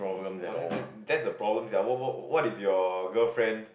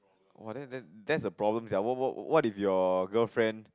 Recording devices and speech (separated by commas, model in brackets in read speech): boundary microphone, close-talking microphone, conversation in the same room